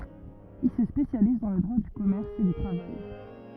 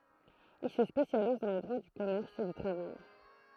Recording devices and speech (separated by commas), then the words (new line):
rigid in-ear microphone, throat microphone, read sentence
Il se spécialise dans le droit du commerce et du travail.